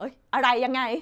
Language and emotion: Thai, happy